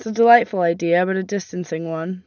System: none